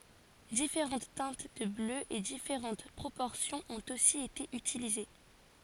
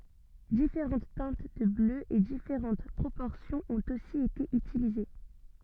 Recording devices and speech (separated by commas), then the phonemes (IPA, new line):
forehead accelerometer, soft in-ear microphone, read sentence
difeʁɑ̃t tɛ̃t də blø e difeʁɑ̃t pʁopɔʁsjɔ̃z ɔ̃t osi ete ytilize